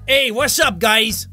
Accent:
New York accent